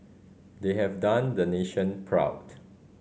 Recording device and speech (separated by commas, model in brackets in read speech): mobile phone (Samsung C5010), read sentence